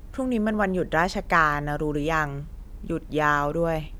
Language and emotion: Thai, frustrated